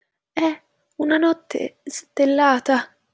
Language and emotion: Italian, fearful